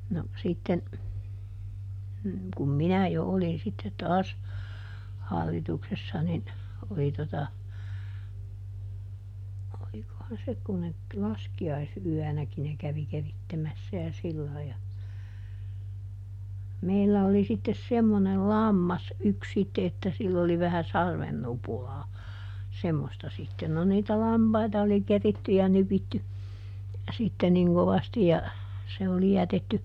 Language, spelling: Finnish, no sitten kun minä jo olin sitten taas - hallituksessa niin oli tuota olikohan se kun ne - laskiaisyönäkin ne kävi keritsemässä ja sillä lailla ja meillä oli sitten semmoinen lammas yksi sitten että sillä oli vähän sarven nupulaa semmoista sitten no niitä lampaita oli keritty ja nypitty sitten niin kovasti ja se oli jätetty
- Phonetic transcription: no , ˈsitten , kum "minä jo ˈolin sitte ˈtaas , ˈhallitu sessa nin , oli ˈtota , ˈolikohan ˈse kun ne t- S "laski₍ais₍yänäki ne ˈkävi ˈkerittemässä ja ˈsillai ja , ˈmeillä oli sittes "semmonel "lammas ˈyks ˈsitte että ˈsill ‿oli vähä "sarven ˈnupulaa , ˈsemmosta sitten no niitä "lampaita oli ˈkeritty ja ˈnypitty , sitte niŋ ˈkovasti ja , ˈse oli ˈjätetty ,.

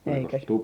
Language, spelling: Finnish, eikä -
- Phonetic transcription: eikä sit -

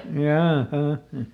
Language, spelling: Finnish, jaaha
- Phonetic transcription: ˈjaaˈha .

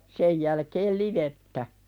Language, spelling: Finnish, sen jälkeen livettä
- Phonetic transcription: 'sej jälkeel "livettä .

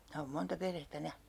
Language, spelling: Finnish, minä olen monta perhettä nähnyt
- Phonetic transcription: 'minä oom 'monta 'perhettä 'nähnY .

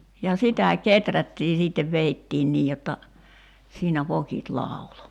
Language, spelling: Finnish, ja sitä kehrättiin sitten vedettiin niin jotta siinä vokit lauloi
- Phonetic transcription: ja 'sitä "keträttii siittev 'veittiin 'nii jotta , 'siinä 'vokit 'làulo .

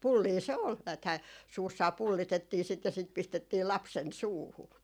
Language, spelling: Finnish, pullia se oli näethän suussaan pullitettiin sitä ja sitä pistettiin lapsen suuhun
- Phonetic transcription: 'pullii se ‿ol , nääthää , 'suussaa 'pullitettii sit ja sit pistettii 'lapsen "suuhu .

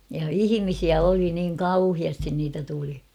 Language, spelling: Finnish, ja ihmisiä oli niin kauheasti niitä tuli
- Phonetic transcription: ja "ihimisiä 'oli niiŋ "kauhiastin niitä tuli .

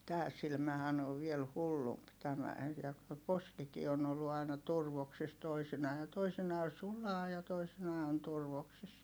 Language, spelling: Finnish, tämä silmähän on vielä hullumpi tämä ja kun se poskikin on ollut aina turvoksissa toisinaan ja toisinaan sulaa ja toisinaan on turvoksissa
- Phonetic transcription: tää silmähän ‿ov viel hullump tämä , (ja ku se) poskikii on ‿ollu ài̮na turvoksis toisinaa ja toisinaa sulaa ja toisinaa on turvoksis .

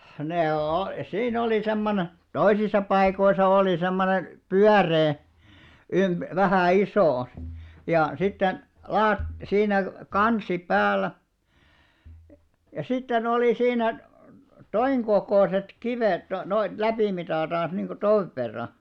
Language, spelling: Finnish, ne - siinä oli semmoinen toisissa paikoissa oli semmoinen pyöreä - vähän iso ja sitten - siinä kansi päällä ja sitten oli siinä tuon kokoiset kivet - noita läpimitaltansa niin kuin tuon verran
- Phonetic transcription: 'nee o- , 'siin ‿oli 'semmone , 'toisisa paikoisa òli 'semmone , "pyäree , ymp- , 'vähä̀ "isò , ja sitten , 'laat- , siinä , 'kansi 'päällä , ja sitte'n ‿olì 'siinä , "toiŋ ɢokòset 'kivèt no- noit 'läpìmitàltàn̬s niŋɢo "toⁱv verra .

